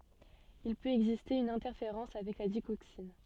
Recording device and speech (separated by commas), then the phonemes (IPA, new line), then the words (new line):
soft in-ear microphone, read sentence
il pøt ɛɡziste yn ɛ̃tɛʁfeʁɑ̃s avɛk la diɡoksin
Il peut exister une interférence avec la digoxine.